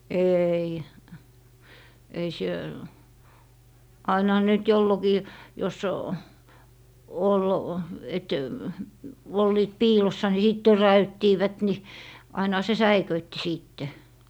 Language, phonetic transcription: Finnish, 'eei , ei sie- , ainᵃha ne nyt 'jollokii , jos , ol , et , 'olliit "piilossa ni sìt "törä₍yttiivät ni , ainᵃha se "säiköitti 'sìtte .
- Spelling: ei ei - ainahan ne nyt jolloinkin jos oli että olivat piilossa niin sitten töräyttivät niin ainahan se säikäytti sitten

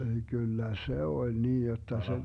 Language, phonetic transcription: Finnish, ... 'kyllä "se 'oĺ 'niin 'jotta se ,.
- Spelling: kyllä se oli niin jotta se

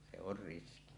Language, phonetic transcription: Finnish, se or 'riski .
- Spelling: se on riski

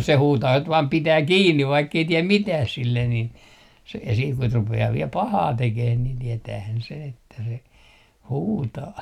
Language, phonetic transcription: Finnish, 'se huutaa (kut) vaam 'pitää "kiinni 'vaikkei tiɛm "mitääh 'sillen nin , se , sii kut rupe₍aa viel "pahaa 'tekeh nin tietäähän sen ‿että se , "huutaa .
- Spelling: se huutaa kun vain pitää kiinni vaikka ei tee mitään sille niin se siinä kun rupeaa vielä pahaa tekemään niin tietäähän sen että se huutaa

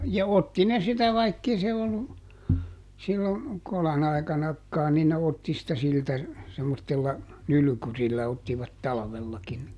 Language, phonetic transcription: Finnish, ja "otti ne ˈsitä ˈvaikkei se ollu , sillo , ˈkolan ‿ai̮kanakkaan̆ nin ne ˈotti sitä ˈsiltä , semmottella , ˈnylʸkyrillä ottivat "talᵃvellakin ni ,.
- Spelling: ja otti ne sitä vaikka ei se ollut silloin kolon aikanakaan niin ne otti sitä siltä semmoisella nylkyrillä ottivat talvellakin ni

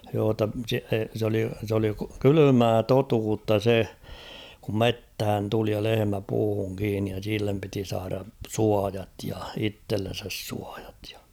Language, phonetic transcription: Finnish, joo ‿tta se , s ‿oli , s ‿oli 'kylymää "totuutta 'se , kum "methän 'tuli ja "lehemä 'puuhuŋ kiinnij ja 'sillem piti 'saara , "suajat ja "ittellen̬säs 'suaᴊᴀt ᴊᴀ .
- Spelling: joo jotta se se oli se oli kylmää totuutta se kun metsään tuli ja lehmä puuhun kiinni ja sille piti saada suojat ja itsellensä suojat ja

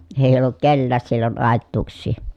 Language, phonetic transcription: Finnish, ee ollut kellääs sillon àettuuks̆sii .
- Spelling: ei ollut kenelläkään silloin aituuksia

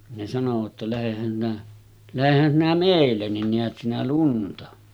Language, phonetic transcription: Finnish, ne sanovat ‿ta » 'lähehän sinä , 'lähehän sinä "mèillen nin 'neät sinä 'lunta « .
- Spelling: ne sanoivat jotta lähdehän sinä lähdehän sinä meille niin näet sinä lunta

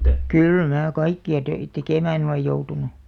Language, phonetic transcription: Finnish, kyl mää 'kaikki₍a töit , "tekèmään olej 'joutunu .
- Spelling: kyllä minä kaikkia töitä tekemään olen joutunut

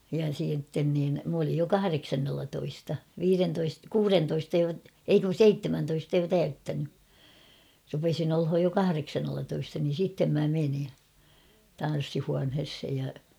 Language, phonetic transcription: Finnish, ja siitten niin , m ‿olij jo "kahareksannellatoista , 'viirentoist- "kuurentoista jo , 'ei kun̬ "seittemäntoista jo 'täyttäny , rupesin ‿olhoj jo 'kahareksannellatoista niin̬ 'sittem mä meni , 'tan̬ssihuanheshej ja .
- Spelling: ja sitten niin minä olin jo kahdeksannellatoista viidentoista kuudentoista jo ei kun seitsemäntoista jo täyttänyt rupesin olemaan jo kahdeksannellatoista niin sitten minä menin tanssihuoneeseen ja

